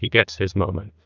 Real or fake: fake